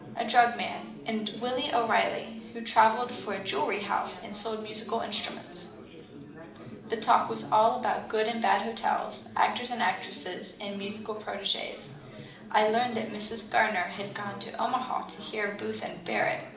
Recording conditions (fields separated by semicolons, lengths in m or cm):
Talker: one person; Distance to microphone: 2.0 m; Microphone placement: close; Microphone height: 99 cm; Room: medium-sized (5.7 m by 4.0 m); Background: babble